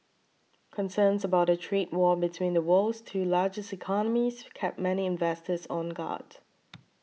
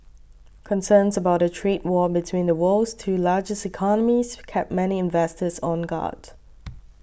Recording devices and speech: mobile phone (iPhone 6), boundary microphone (BM630), read sentence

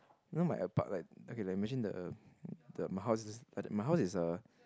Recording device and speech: close-talking microphone, conversation in the same room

